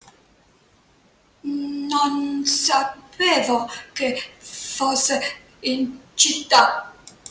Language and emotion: Italian, fearful